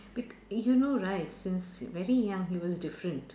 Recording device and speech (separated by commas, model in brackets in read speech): standing microphone, conversation in separate rooms